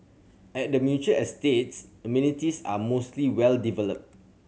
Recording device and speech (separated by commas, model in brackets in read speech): mobile phone (Samsung C7100), read sentence